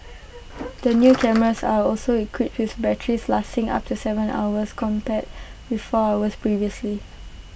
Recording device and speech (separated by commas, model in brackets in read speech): boundary microphone (BM630), read sentence